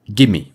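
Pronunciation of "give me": In 'give me', a consonant is dropped and the two words are connected into one.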